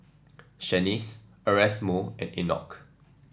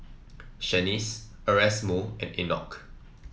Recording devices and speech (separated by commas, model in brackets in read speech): standing microphone (AKG C214), mobile phone (iPhone 7), read sentence